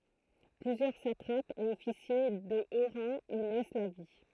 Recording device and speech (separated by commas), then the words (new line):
throat microphone, read sentence
Plusieurs satrapes et officiers de haut rang y laissent la vie.